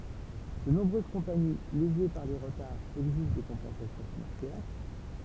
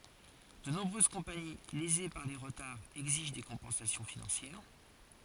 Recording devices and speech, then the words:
temple vibration pickup, forehead accelerometer, read sentence
De nombreuses compagnies, lésées par les retards, exigent des compensations financières.

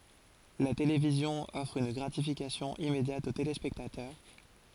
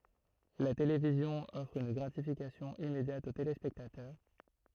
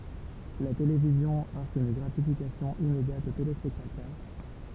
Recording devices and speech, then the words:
forehead accelerometer, throat microphone, temple vibration pickup, read sentence
La télévision offre une gratification immédiate aux téléspectateurs.

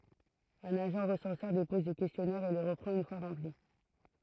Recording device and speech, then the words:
throat microphone, read sentence
Un agent recenseur dépose les questionnaires et les reprend une fois remplis.

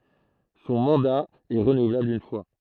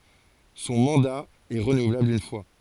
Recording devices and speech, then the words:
throat microphone, forehead accelerometer, read sentence
Son mandat est renouvelable une fois.

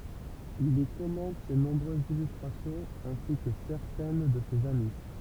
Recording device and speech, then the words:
temple vibration pickup, read sentence
Il y commente ses nombreuses illustrations, ainsi que certaines de ses amis.

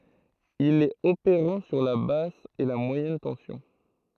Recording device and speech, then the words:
throat microphone, read sentence
Il est opérant sur la basse et moyenne tension.

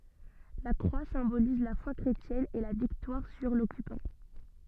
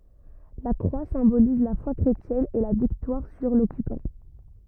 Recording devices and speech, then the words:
soft in-ear microphone, rigid in-ear microphone, read sentence
La croix symbolise la foi chrétienne et la victoire sur l’occupant.

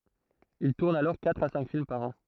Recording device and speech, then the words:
throat microphone, read sentence
Il tourne alors quatre à cinq films par an.

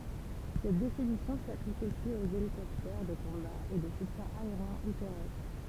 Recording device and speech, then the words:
temple vibration pickup, read sentence
Cette définition s'applique aussi aux hélicoptères de combat et de soutien aérien ou terrestre.

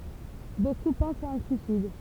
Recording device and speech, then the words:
temple vibration pickup, read sentence
Beaucoup pensent à un suicide.

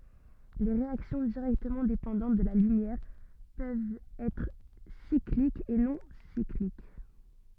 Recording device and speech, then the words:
soft in-ear microphone, read sentence
Les réactions directement dépendantes de la lumière peuvent être cycliques ou non cycliques.

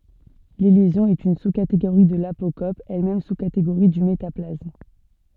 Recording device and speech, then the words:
soft in-ear microphone, read sentence
L'élision est une sous-catégorie de l'apocope, elle-même sous-catégorie du métaplasme.

